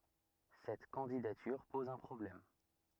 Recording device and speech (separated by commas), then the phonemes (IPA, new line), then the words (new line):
rigid in-ear microphone, read sentence
sɛt kɑ̃didatyʁ pɔz œ̃ pʁɔblɛm
Cette candidature pose un problème.